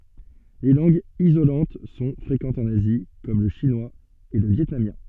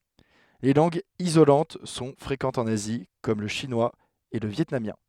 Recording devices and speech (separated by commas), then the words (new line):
soft in-ear microphone, headset microphone, read sentence
Les langues isolantes sont fréquentes en Asie comme le chinois et le vietnamien.